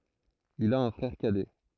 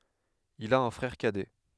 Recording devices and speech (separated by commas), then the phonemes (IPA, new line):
throat microphone, headset microphone, read sentence
il a œ̃ fʁɛʁ kadɛ